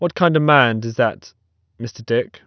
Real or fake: real